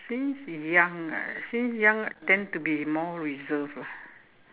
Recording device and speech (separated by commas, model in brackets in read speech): telephone, conversation in separate rooms